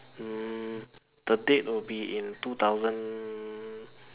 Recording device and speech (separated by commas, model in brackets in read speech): telephone, conversation in separate rooms